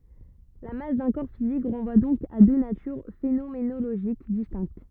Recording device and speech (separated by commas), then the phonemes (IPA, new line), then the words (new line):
rigid in-ear microphone, read sentence
la mas dœ̃ kɔʁ fizik ʁɑ̃vwa dɔ̃k a dø natyʁ fenomenoloʒik distɛ̃kt
La masse d'un corps physique renvoie donc à deux natures phénoménologiques distinctes.